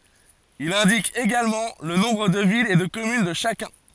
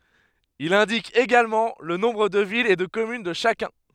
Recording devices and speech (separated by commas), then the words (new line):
forehead accelerometer, headset microphone, read sentence
Il indique également le nombre de villes et de communes de chacun.